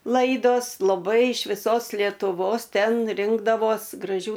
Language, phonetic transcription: Lithuanian, ˈlaidos laˈbai iš viˈsos lietuˈvos ˈten ˈrinkdavos graˈžių

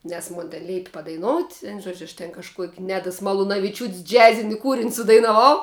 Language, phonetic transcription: Lithuanian, nes ˈmun ten ˈleipi padaiˈnout' ˈvenu ˈžuodžiu aš ten kažˈkuok' ˈnedas malunaviˈčiūt's' ˈdžiazini ˈkūrin' sudainaˈvau

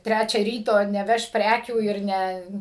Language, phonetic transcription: Lithuanian, ˈtræčią ˈryto neˈveš ˈprækių ir ˈne

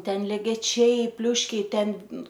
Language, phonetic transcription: Lithuanian, ˈten legeˈčiai ˈpliuškiai ˈten

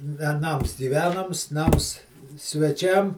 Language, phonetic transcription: Lithuanian, veˈnams gyˈvenams ˈnams sveˈčiam

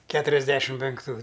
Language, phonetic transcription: Lithuanian, ˈketuriasˌdešim penkˈtų

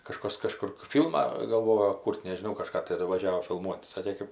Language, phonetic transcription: Lithuanian, kaˈžkas kaˈžkur ˈfylmą galˈvojo ˈkūr't' nežiˈnau kaˈžką taˈdu vaˈžiavo filˈmuot' ˈsakė ˈkɜp

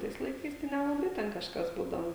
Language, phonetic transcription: Lithuanian, ˈtais laiˈkais tai nelaˈbai ten kažˈkas ˈbūdavo

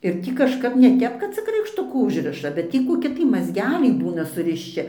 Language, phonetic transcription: Lithuanian, ir ˈtį kažˈkap ne ˈtep kad ˈcik raikšˈtukų ˈužriša bet ˈtį koˈki tai mazˈgeliai ˈbūna surišˈči

